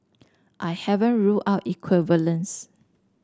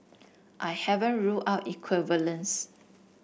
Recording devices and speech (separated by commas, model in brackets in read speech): standing microphone (AKG C214), boundary microphone (BM630), read sentence